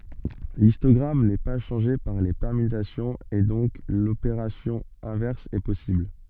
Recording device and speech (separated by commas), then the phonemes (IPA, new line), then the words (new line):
soft in-ear microphone, read sentence
listɔɡʁam nɛ pa ʃɑ̃ʒe paʁ le pɛʁmytasjɔ̃z e dɔ̃k lopeʁasjɔ̃ ɛ̃vɛʁs ɛ pɔsibl
L'histogramme n'est pas changé par les permutations et donc l'opération inverse est possible.